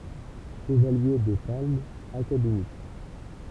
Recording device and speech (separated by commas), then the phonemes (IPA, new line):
temple vibration pickup, read sentence
ʃəvalje de palmz akademik